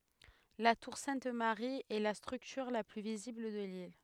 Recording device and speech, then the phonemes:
headset microphone, read sentence
la tuʁ sɛ̃t maʁi ɛ la stʁyktyʁ la ply vizibl də lil

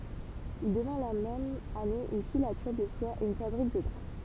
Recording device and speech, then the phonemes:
temple vibration pickup, read sentence
il dəvɛ̃ la mɛm ane yn filatyʁ də swa e yn fabʁik də dʁa

